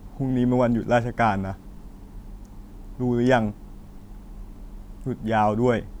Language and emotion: Thai, frustrated